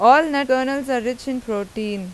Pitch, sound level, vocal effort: 255 Hz, 92 dB SPL, loud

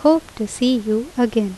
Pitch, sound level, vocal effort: 240 Hz, 80 dB SPL, normal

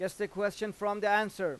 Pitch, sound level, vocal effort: 205 Hz, 96 dB SPL, loud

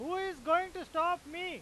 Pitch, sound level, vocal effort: 350 Hz, 103 dB SPL, very loud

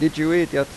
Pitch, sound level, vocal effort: 155 Hz, 90 dB SPL, normal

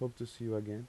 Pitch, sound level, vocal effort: 115 Hz, 82 dB SPL, soft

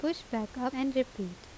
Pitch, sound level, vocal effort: 255 Hz, 81 dB SPL, normal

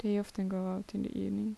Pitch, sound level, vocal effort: 190 Hz, 74 dB SPL, soft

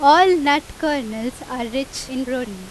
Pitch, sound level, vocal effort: 265 Hz, 93 dB SPL, very loud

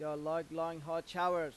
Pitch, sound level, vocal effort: 165 Hz, 95 dB SPL, loud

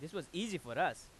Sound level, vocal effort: 93 dB SPL, loud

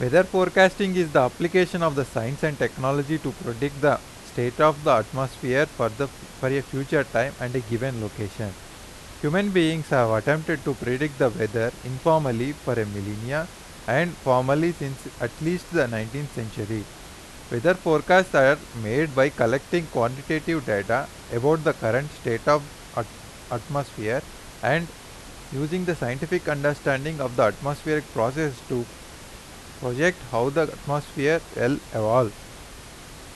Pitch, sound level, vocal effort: 140 Hz, 89 dB SPL, loud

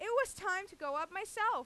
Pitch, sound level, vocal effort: 390 Hz, 100 dB SPL, very loud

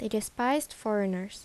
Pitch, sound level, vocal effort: 215 Hz, 80 dB SPL, normal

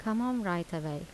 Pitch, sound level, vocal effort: 175 Hz, 81 dB SPL, soft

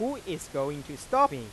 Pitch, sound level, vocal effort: 145 Hz, 96 dB SPL, normal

